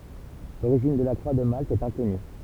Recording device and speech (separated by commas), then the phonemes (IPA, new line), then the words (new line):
temple vibration pickup, read sentence
loʁiʒin də la kʁwa də malt ɛt ɛ̃kɔny
L'origine de la croix de Malte est inconnue.